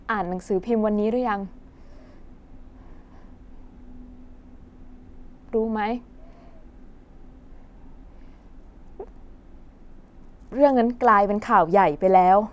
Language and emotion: Thai, sad